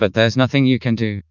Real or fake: fake